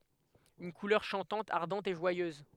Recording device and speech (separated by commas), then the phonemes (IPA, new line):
headset microphone, read sentence
yn kulœʁ ʃɑ̃tɑ̃t aʁdɑ̃t e ʒwajøz